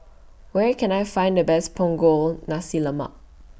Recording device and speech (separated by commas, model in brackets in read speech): boundary microphone (BM630), read sentence